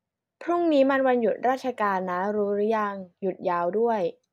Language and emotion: Thai, neutral